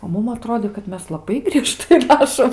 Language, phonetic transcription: Lithuanian, o ˈmum aˈtrodė kad ˈmes laˈbai grieˈžtai ˈrašom

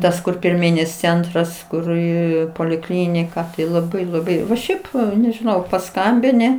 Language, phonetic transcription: Lithuanian, ˈtas kur pirˈmynis ˈcentras ˈkur i poliˈklinika tai laˈbai laˈbai nu ˈšiaip nežiˈnau paˈskambini

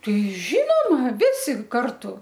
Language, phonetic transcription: Lithuanian, ˈtai ˈžynoma ˈvisi ˈkartu

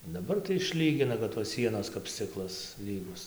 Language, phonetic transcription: Lithuanian, daˈbar tai išˈlygina kad tos ˈsienos kap ˈsciklas ˈlygus

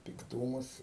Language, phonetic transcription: Lithuanian, pikˈtūmus

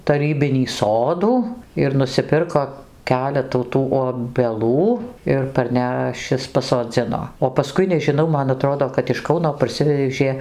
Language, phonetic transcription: Lithuanian, taˈrybinį ˈsodų ir nusiˈpirko ˈkeletų ˈtų obeˈlų ir parˈnešis pasoˈdzino o paˈskui nežiˈnau man aˈtrodo kad iš ˈkauno parˈsivežė

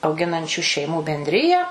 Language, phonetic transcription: Lithuanian, auˈginančiu šeiˈmų bendˈriją

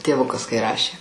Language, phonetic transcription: Lithuanian, tėˈvukas kai ˈrašė

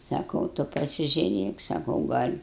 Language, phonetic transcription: Lithuanian, saˈkau ˈtu pasižiuˈrėk saˈkau ˈgal'

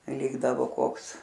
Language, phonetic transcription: Lithuanian, ˈlikdavo ˈkoks

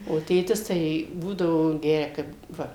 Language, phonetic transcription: Lithuanian, o ˈtėtis ˈtai ˈbūdavo ˈgeria ˈkaip ˈva

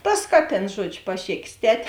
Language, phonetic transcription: Lithuanian, ˈtas ˈkaˌtėns ˈžuodžiu paˈšėkės ˈtet'

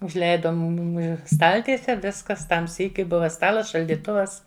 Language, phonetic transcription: Lithuanian, užˈleida ˈmumi ˈstaltiese ˈviskas ˈtam ˈsykiui ˈbuva ˈstalas šaldyˈtuvas

